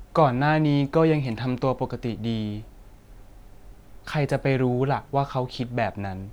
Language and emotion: Thai, sad